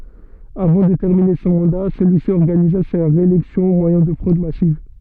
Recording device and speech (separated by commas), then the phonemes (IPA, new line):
soft in-ear microphone, read sentence
avɑ̃ də tɛʁmine sɔ̃ mɑ̃da səlyi si ɔʁɡaniza sa ʁeelɛksjɔ̃ o mwajɛ̃ də fʁod masiv